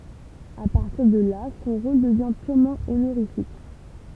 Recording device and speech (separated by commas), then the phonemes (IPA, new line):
temple vibration pickup, read sentence
a paʁtiʁ də la sɔ̃ ʁol dəvjɛ̃ pyʁmɑ̃ onoʁifik